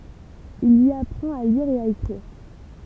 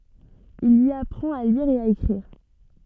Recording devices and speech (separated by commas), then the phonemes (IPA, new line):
temple vibration pickup, soft in-ear microphone, read sentence
il i apʁɑ̃t a liʁ e a ekʁiʁ